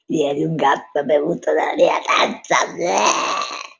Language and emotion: Italian, disgusted